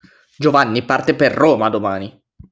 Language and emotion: Italian, angry